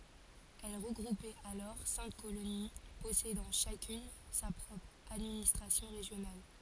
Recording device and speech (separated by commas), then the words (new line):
forehead accelerometer, read sentence
Elle regroupait alors cinq colonies possédant chacune sa propre administration régionale.